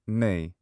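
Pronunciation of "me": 'Me' is said as a diphthong, as in many British accents: it starts with the i sound of 'hits' and ends in an e sound.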